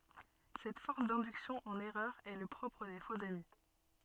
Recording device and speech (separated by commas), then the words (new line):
soft in-ear microphone, read sentence
Cette force d'induction en erreur est le propre des faux-amis.